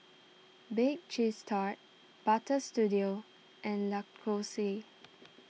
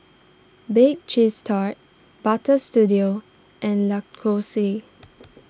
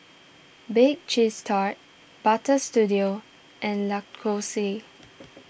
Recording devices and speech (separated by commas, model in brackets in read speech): mobile phone (iPhone 6), standing microphone (AKG C214), boundary microphone (BM630), read sentence